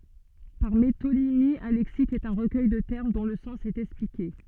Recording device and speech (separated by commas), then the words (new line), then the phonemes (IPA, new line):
soft in-ear microphone, read sentence
Par métonymie, un lexique est un recueil de termes dont le sens est expliqué.
paʁ metonimi œ̃ lɛksik ɛt œ̃ ʁəkœj də tɛʁm dɔ̃ lə sɑ̃s ɛt ɛksplike